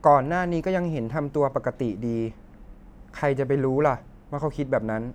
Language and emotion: Thai, neutral